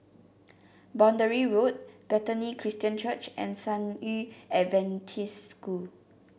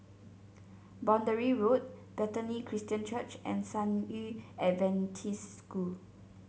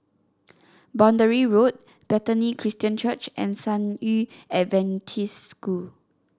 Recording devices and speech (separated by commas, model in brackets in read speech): boundary microphone (BM630), mobile phone (Samsung C7), standing microphone (AKG C214), read sentence